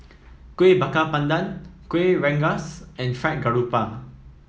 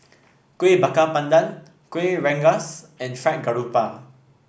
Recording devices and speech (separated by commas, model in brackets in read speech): mobile phone (iPhone 7), boundary microphone (BM630), read sentence